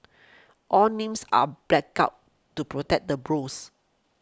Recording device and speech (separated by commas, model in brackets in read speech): close-talking microphone (WH20), read sentence